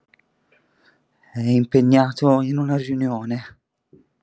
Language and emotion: Italian, fearful